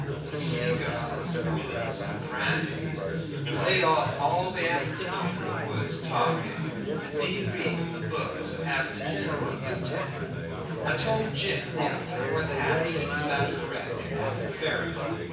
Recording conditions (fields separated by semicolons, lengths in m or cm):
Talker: one person; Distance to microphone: 9.8 m; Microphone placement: far; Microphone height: 1.8 m; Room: large; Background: babble